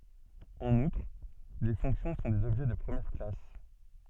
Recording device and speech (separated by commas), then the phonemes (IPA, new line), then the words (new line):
soft in-ear microphone, read sentence
ɑ̃n utʁ le fɔ̃ksjɔ̃ sɔ̃ dez ɔbʒɛ də pʁəmjɛʁ klas
En outre, les fonctions sont des objets de première classe.